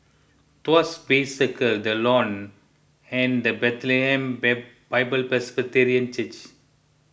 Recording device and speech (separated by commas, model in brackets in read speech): boundary microphone (BM630), read sentence